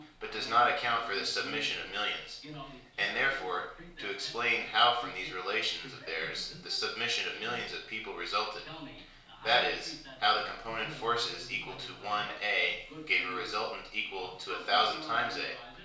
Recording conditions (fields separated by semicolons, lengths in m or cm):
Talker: one person; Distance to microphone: 1.0 m; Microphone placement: close; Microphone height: 1.1 m; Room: small (3.7 m by 2.7 m); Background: television